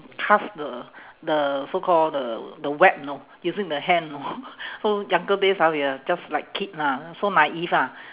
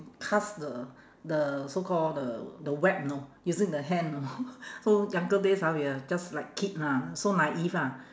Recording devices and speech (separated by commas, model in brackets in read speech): telephone, standing microphone, conversation in separate rooms